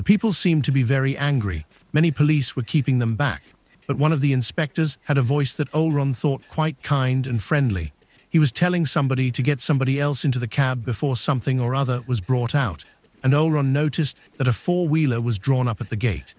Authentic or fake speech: fake